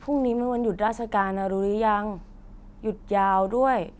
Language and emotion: Thai, neutral